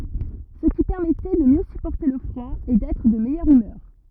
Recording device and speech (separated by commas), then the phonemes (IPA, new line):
rigid in-ear microphone, read sentence
sə ki pɛʁmɛtɛ də mjø sypɔʁte lə fʁwa e dɛtʁ də mɛjœʁ ymœʁ